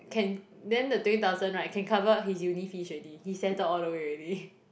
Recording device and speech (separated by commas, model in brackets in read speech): boundary microphone, conversation in the same room